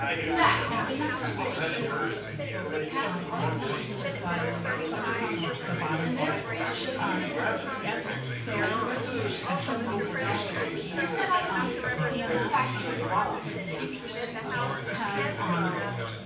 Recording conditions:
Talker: one person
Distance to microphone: 9.8 m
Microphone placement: far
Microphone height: 1.8 m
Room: large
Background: babble

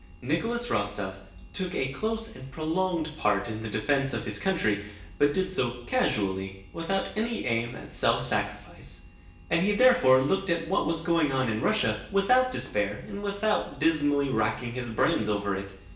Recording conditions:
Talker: one person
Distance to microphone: 1.8 m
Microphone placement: close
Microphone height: 1.0 m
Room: large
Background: none

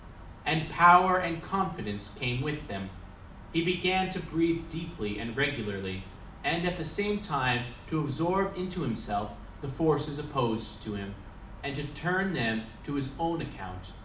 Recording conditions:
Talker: one person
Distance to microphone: 2.0 m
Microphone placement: close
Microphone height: 99 cm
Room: medium-sized (5.7 m by 4.0 m)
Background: none

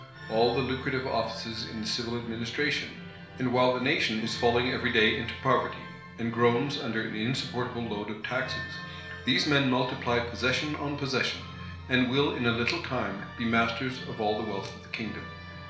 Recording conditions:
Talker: one person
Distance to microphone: 1.0 m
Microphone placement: close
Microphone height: 1.1 m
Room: small (3.7 m by 2.7 m)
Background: music

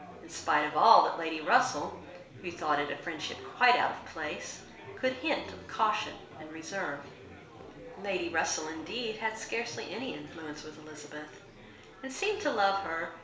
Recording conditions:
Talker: one person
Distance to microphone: 1.0 m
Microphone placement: close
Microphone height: 1.1 m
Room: small (3.7 m by 2.7 m)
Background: babble

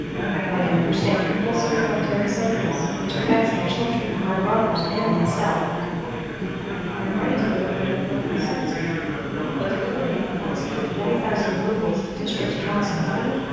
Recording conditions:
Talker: one person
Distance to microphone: 7.1 m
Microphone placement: far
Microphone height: 1.7 m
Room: very reverberant, large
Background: babble

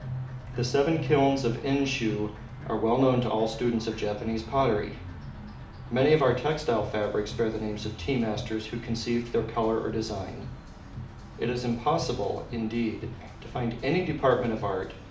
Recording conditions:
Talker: one person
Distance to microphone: 2.0 m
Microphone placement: close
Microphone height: 99 cm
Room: medium-sized (5.7 m by 4.0 m)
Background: music

